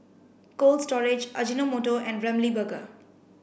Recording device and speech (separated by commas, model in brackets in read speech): boundary microphone (BM630), read sentence